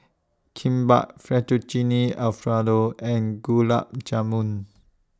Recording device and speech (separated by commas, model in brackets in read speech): standing microphone (AKG C214), read sentence